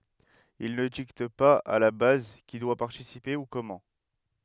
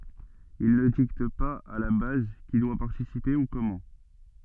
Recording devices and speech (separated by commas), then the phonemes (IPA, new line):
headset microphone, soft in-ear microphone, read sentence
il nə dikt paz a la baz ki dwa paʁtisipe u kɔmɑ̃